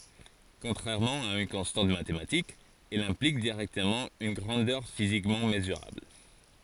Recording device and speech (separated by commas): forehead accelerometer, read sentence